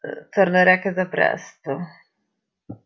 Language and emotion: Italian, disgusted